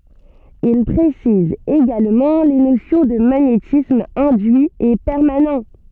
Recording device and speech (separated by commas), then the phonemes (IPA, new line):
soft in-ear microphone, read sentence
il pʁesiz eɡalmɑ̃ le nosjɔ̃ də maɲetism ɛ̃dyi e pɛʁmanɑ̃